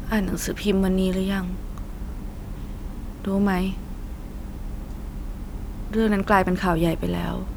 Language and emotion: Thai, sad